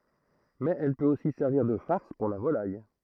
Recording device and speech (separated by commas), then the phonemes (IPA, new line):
throat microphone, read sentence
mɛz ɛl pøt osi sɛʁviʁ də faʁs puʁ la volaj